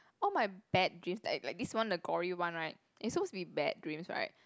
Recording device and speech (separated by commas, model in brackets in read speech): close-talking microphone, conversation in the same room